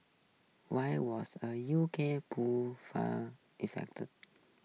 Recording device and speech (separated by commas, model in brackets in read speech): mobile phone (iPhone 6), read sentence